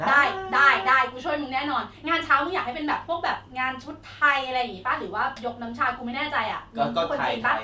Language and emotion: Thai, happy